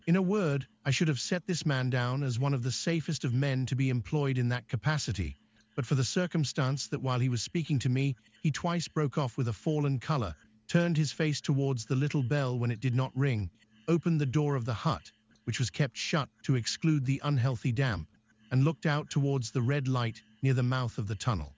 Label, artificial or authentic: artificial